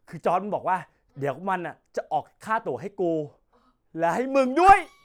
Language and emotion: Thai, happy